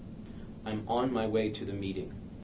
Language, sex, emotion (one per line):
English
male
neutral